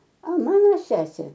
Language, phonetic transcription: Lithuanian, a ˈmano ˈsesė

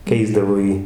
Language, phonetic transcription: Lithuanian, ˈkeisdavo ˈjį

